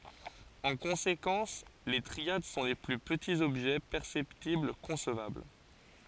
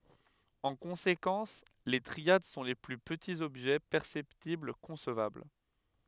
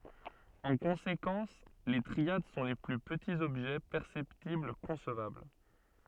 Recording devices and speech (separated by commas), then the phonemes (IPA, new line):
forehead accelerometer, headset microphone, soft in-ear microphone, read sentence
ɑ̃ kɔ̃sekɑ̃s le tʁiad sɔ̃ le ply pətiz ɔbʒɛ pɛʁsɛptibl kɔ̃svabl